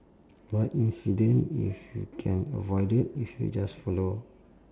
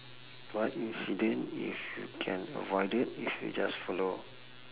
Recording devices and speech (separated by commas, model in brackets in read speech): standing microphone, telephone, conversation in separate rooms